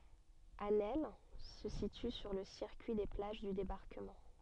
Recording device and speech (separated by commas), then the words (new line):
soft in-ear microphone, read sentence
Asnelles se situe sur le circuit des plages du Débarquement.